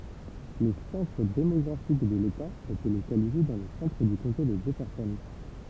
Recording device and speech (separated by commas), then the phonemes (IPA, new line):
temple vibration pickup, read sentence
lə sɑ̃tʁ demɔɡʁafik də leta etɛ lokalize dɑ̃ lə sɑ̃tʁ dy kɔ̃te də dʒɛfɛʁsɔn